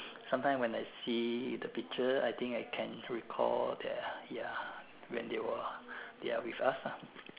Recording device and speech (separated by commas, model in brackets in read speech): telephone, conversation in separate rooms